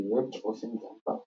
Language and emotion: English, surprised